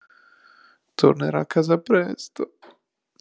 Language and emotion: Italian, sad